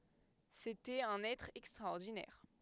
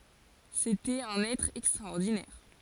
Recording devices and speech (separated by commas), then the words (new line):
headset microphone, forehead accelerometer, read sentence
C’était un être extraordinaire.